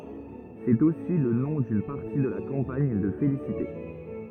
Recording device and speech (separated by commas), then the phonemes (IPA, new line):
rigid in-ear microphone, read sentence
sɛt osi lə nɔ̃ dyn paʁti də la kɑ̃paɲ də felisite